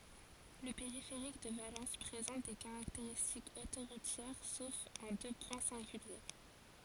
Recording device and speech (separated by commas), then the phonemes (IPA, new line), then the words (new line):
forehead accelerometer, read sentence
lə peʁifeʁik də valɑ̃s pʁezɑ̃t de kaʁakteʁistikz otoʁutjɛʁ sof ɑ̃ dø pwɛ̃ sɛ̃ɡylje
Le périphérique de Valence présente des caractéristiques autoroutières sauf en deux points singuliers.